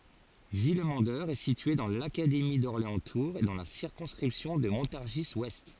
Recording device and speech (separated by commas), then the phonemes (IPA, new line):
forehead accelerometer, read sentence
vilmɑ̃dœʁ ɛ sitye dɑ̃ lakademi dɔʁleɑ̃stuʁz e dɑ̃ la siʁkɔ̃skʁipsjɔ̃ də mɔ̃taʁʒizwɛst